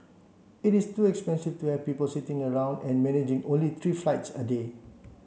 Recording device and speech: mobile phone (Samsung C7), read sentence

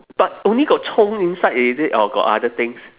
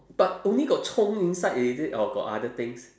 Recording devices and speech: telephone, standing microphone, conversation in separate rooms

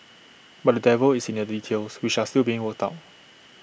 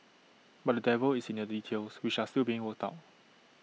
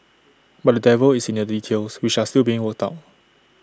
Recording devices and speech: boundary microphone (BM630), mobile phone (iPhone 6), standing microphone (AKG C214), read sentence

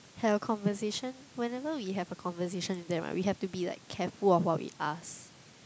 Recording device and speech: close-talking microphone, conversation in the same room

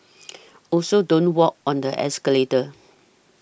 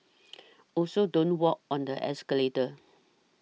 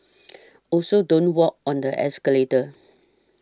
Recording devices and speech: boundary microphone (BM630), mobile phone (iPhone 6), standing microphone (AKG C214), read sentence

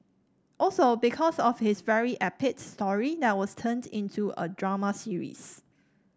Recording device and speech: standing microphone (AKG C214), read sentence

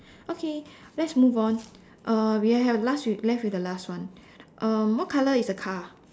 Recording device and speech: standing microphone, conversation in separate rooms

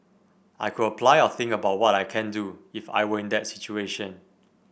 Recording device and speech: boundary microphone (BM630), read sentence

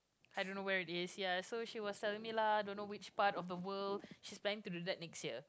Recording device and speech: close-talking microphone, conversation in the same room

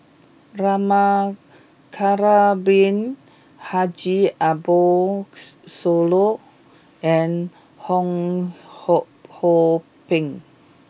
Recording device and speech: boundary microphone (BM630), read sentence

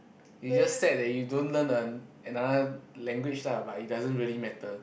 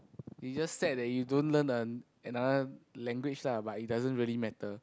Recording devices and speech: boundary microphone, close-talking microphone, conversation in the same room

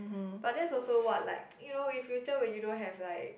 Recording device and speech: boundary microphone, conversation in the same room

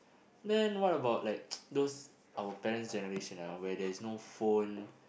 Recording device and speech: boundary microphone, conversation in the same room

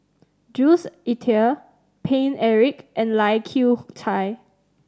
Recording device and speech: standing microphone (AKG C214), read sentence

